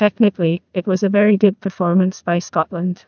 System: TTS, neural waveform model